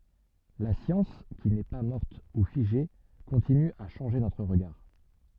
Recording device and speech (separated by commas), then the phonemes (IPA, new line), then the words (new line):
soft in-ear microphone, read sentence
la sjɑ̃s ki nɛ pa mɔʁt u fiʒe kɔ̃tiny a ʃɑ̃ʒe notʁ ʁəɡaʁ
La science qui n'est pas morte ou figée continue à changer notre regard.